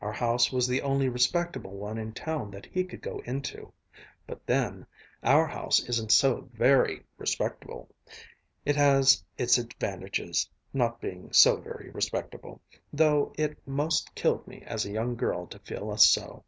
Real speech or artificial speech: real